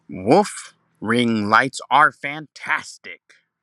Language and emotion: English, sad